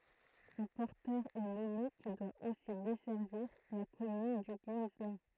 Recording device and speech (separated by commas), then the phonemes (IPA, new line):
throat microphone, read sentence
œ̃ pɔʁtœʁ ɛ nɔme ki dwa osi dɛsɛʁviʁ la kɔmyn dy ɡislɛ̃